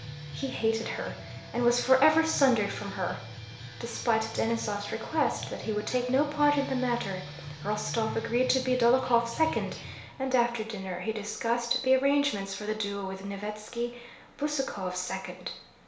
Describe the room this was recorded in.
A small space (about 3.7 m by 2.7 m).